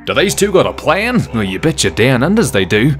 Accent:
In an Australian Accent